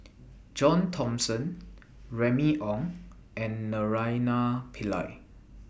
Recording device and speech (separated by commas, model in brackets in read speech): boundary microphone (BM630), read sentence